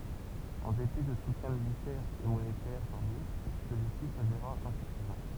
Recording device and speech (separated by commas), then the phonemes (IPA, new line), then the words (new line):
temple vibration pickup, read sentence
ɑ̃ depi də sutjɛ̃ militɛʁz e monetɛʁ taʁdif səlyisi saveʁa ɛ̃syfizɑ̃
En dépit de soutiens militaires et monétaires tardifs, celui-ci s'avéra insuffisant.